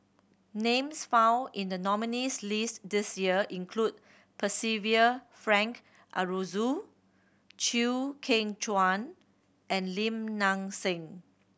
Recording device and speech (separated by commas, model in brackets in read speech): boundary microphone (BM630), read sentence